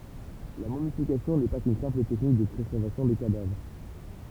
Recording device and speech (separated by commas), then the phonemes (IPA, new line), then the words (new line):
temple vibration pickup, read sentence
la momifikasjɔ̃ nɛ pa kyn sɛ̃pl tɛknik də pʁezɛʁvasjɔ̃ de kadavʁ
La momification n'est pas qu'une simple technique de préservation des cadavres.